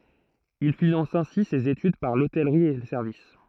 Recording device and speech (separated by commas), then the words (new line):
throat microphone, read sentence
Il finance ainsi ses études, par l'hôtellerie et le service.